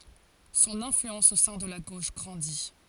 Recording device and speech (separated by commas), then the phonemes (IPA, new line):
forehead accelerometer, read sentence
sɔ̃n ɛ̃flyɑ̃s o sɛ̃ də la ɡoʃ ɡʁɑ̃di